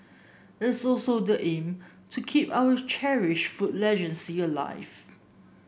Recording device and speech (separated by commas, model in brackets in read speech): boundary microphone (BM630), read sentence